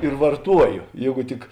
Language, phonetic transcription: Lithuanian, ir varˈtuojo ˈjėgu ˈtik

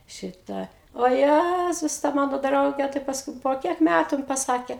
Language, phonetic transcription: Lithuanian, ˈšitą o ˈjæzus ta ˈmano ˈdrauge tai pasˈkui po ˈkiek ˈmætu jin paˈsake

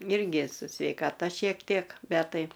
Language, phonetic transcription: Lithuanian, ˈirgi su sveikaˈta šiek ˈtiek ˈbet ˈtai

